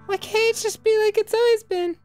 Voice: Falsetto